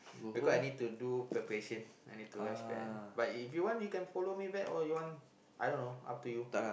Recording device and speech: boundary microphone, conversation in the same room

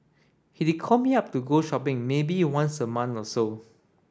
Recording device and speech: standing microphone (AKG C214), read sentence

